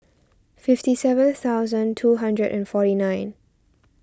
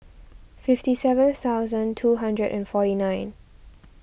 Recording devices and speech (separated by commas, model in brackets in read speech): standing microphone (AKG C214), boundary microphone (BM630), read sentence